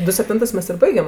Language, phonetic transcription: Lithuanian, ˈdu sepˈtintɜs ˈmes ir ˈbaigem

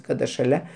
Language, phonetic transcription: Lithuanian, ˈkada šaˈlia

